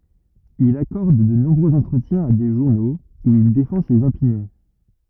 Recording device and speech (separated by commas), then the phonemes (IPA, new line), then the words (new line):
rigid in-ear microphone, read sentence
il akɔʁd də nɔ̃bʁøz ɑ̃tʁətjɛ̃z a de ʒuʁnoz u il defɑ̃ sez opinjɔ̃
Il accorde de nombreux entretiens à des journaux, où il défend ses opinions.